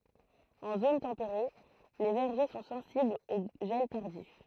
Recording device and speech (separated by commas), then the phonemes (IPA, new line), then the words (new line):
throat microphone, read sentence
ɑ̃ zon tɑ̃peʁe le vɛʁʒe sɔ̃ sɑ̃siblz o ʒɛl taʁdif
En zone tempérée, les vergers sont sensibles au gel tardif.